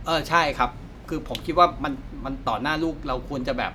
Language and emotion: Thai, frustrated